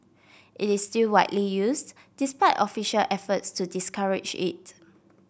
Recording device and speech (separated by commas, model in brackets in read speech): boundary microphone (BM630), read sentence